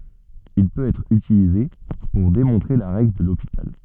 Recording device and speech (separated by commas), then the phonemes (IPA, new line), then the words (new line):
soft in-ear microphone, read sentence
il pøt ɛtʁ ytilize puʁ demɔ̃tʁe la ʁɛɡl də lopital
Il peut être utilisé pour démontrer la règle de L'Hôpital.